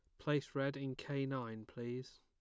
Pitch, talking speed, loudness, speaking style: 130 Hz, 180 wpm, -41 LUFS, plain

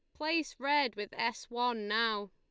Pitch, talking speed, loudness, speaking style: 240 Hz, 170 wpm, -33 LUFS, Lombard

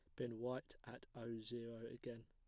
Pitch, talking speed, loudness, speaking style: 115 Hz, 175 wpm, -50 LUFS, plain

